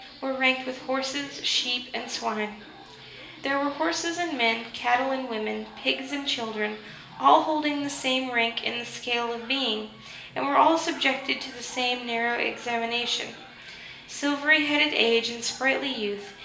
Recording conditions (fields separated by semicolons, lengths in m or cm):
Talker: one person; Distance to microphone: 1.8 m; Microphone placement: close; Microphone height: 1.0 m; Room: large; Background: television